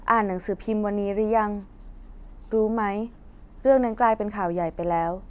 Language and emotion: Thai, neutral